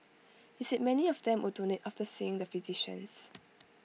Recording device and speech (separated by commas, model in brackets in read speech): mobile phone (iPhone 6), read sentence